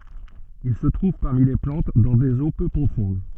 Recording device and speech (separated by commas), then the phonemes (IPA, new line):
soft in-ear microphone, read sentence
il sə tʁuv paʁmi le plɑ̃t dɑ̃ dez o pø pʁofɔ̃d